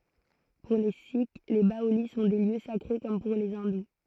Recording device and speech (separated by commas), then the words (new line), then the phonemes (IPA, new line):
throat microphone, read sentence
Pour les sikhs, les baolis sont des lieux sacrés, comme pour les hindous.
puʁ le sik le baoli sɔ̃ de ljø sakʁe kɔm puʁ le ɛ̃du